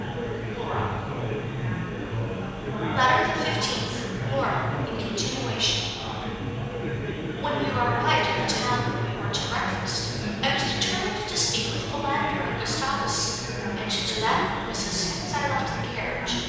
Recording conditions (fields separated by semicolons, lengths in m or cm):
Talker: one person; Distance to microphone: 7.1 m; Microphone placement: far; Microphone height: 1.7 m; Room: very reverberant, large; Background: babble